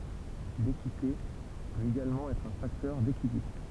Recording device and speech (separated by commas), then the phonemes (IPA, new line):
temple vibration pickup, read sentence
lekite pøt eɡalmɑ̃ ɛtʁ œ̃ faktœʁ dekilibʁ